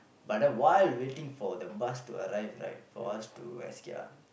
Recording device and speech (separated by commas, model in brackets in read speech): boundary microphone, conversation in the same room